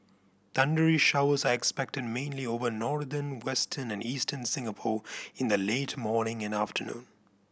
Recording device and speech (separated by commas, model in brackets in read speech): boundary microphone (BM630), read sentence